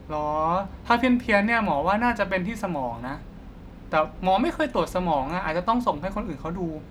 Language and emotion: Thai, neutral